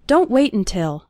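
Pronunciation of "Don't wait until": The first syllable of 'until' is barely pronounced, so 'wait' runs almost straight into the end sound of 'until'.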